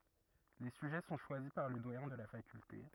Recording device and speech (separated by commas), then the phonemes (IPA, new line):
rigid in-ear microphone, read sentence
le syʒɛ sɔ̃ ʃwazi paʁ lə dwajɛ̃ də la fakylte